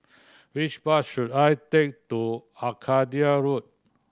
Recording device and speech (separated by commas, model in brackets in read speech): standing microphone (AKG C214), read sentence